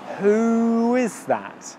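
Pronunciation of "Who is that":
In 'who is', the oo sound of 'who' glides into the i sound of 'is', so the two vowel sounds are linked.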